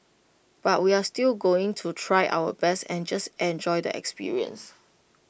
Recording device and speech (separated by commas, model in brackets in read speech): boundary microphone (BM630), read sentence